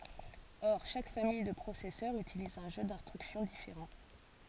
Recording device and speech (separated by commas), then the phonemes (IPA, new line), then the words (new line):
forehead accelerometer, read sentence
ɔʁ ʃak famij də pʁosɛsœʁz ytiliz œ̃ ʒø dɛ̃stʁyksjɔ̃ difeʁɑ̃
Or chaque famille de processeurs utilise un jeu d'instructions différent.